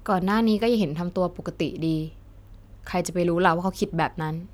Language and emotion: Thai, frustrated